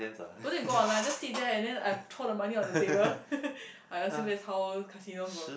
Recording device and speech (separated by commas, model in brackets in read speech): boundary microphone, conversation in the same room